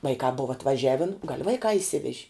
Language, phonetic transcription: Lithuanian, ˈvaikā ˈbova atvaˈžiavin gal' ˈvaikā išˈsiveži

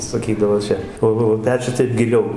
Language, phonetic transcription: Lithuanian, saˈkydavo ˈčia ˈo o o ˈpečius ˈtaip giˈliau

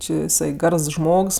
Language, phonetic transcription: Lithuanian, či jiˈsai ˈgars ˈžmogs

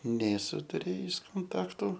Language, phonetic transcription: Lithuanian, nėˈsu tuˈrėjis konˈtaktu

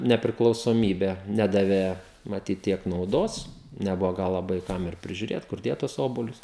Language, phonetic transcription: Lithuanian, nepriklausoˈmybę ˈnedavė maˈtyt ˈtiek nauˈdos neˈbuvo ˈgal laˈbai ˈkam ir prižiuˈrėt kur ˈdėt tus ˈobuolius

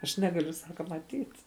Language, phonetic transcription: Lithuanian, aš ˈnegaliu ˈsaka maˈtyt

